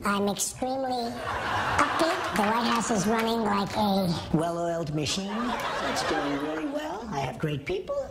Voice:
High-pitched voice